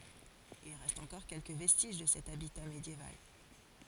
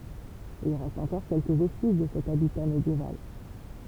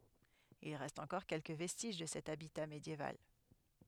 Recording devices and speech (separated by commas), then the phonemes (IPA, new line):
forehead accelerometer, temple vibration pickup, headset microphone, read sentence
il ʁɛst ɑ̃kɔʁ kɛlkə vɛstiʒ də sɛt abita medjeval